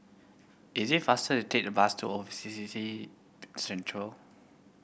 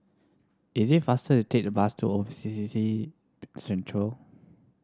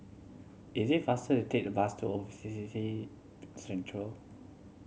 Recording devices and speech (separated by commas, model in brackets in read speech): boundary microphone (BM630), standing microphone (AKG C214), mobile phone (Samsung C7100), read sentence